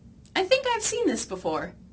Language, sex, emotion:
English, female, happy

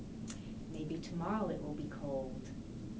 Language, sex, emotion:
English, female, neutral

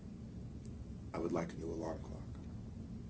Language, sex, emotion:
English, male, neutral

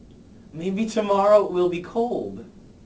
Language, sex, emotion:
English, male, neutral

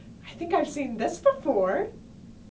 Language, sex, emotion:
English, female, happy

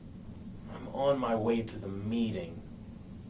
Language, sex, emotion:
English, male, neutral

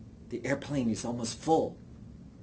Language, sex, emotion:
English, male, neutral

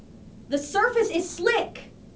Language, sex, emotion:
English, female, fearful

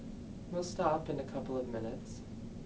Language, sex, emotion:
English, male, neutral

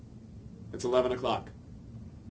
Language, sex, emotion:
English, male, neutral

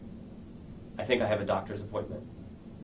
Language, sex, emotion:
English, male, neutral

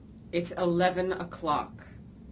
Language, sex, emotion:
English, female, disgusted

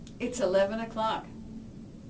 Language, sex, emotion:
English, female, neutral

